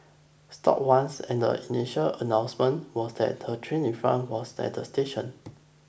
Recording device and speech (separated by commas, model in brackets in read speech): boundary microphone (BM630), read sentence